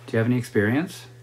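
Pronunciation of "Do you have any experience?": The yes-no question 'Do you have any experience?' is said with rising intonation, and the voice goes up at the end.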